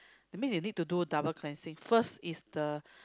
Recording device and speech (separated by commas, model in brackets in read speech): close-talking microphone, conversation in the same room